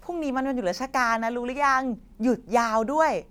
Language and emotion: Thai, happy